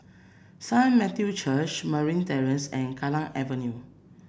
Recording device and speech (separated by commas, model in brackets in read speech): boundary microphone (BM630), read sentence